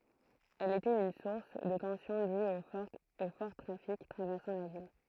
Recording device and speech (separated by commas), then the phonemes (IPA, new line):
throat microphone, read sentence
ɛl etɛt yn suʁs də tɑ̃sjɔ̃ dyz o fɔʁ tʁafik tʁavɛʁsɑ̃ la vil